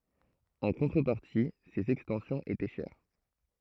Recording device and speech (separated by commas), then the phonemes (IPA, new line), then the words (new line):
throat microphone, read sentence
ɑ̃ kɔ̃tʁəpaʁti sez ɛkstɑ̃sjɔ̃z etɛ ʃɛʁ
En contrepartie, ses extensions étaient chères.